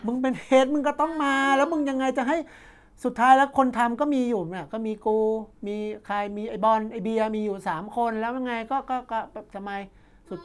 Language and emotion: Thai, frustrated